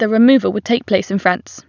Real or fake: real